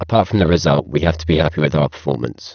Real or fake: fake